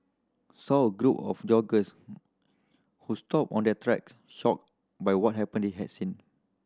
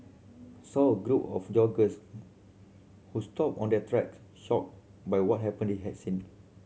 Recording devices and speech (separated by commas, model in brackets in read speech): standing microphone (AKG C214), mobile phone (Samsung C7100), read sentence